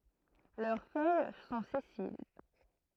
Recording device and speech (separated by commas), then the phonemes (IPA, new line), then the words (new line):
throat microphone, read sentence
lœʁ fœj sɔ̃ sɛsil
Leurs feuilles sont sessiles.